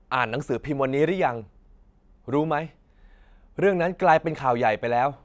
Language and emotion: Thai, neutral